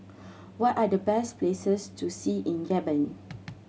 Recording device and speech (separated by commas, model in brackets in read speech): mobile phone (Samsung C7100), read sentence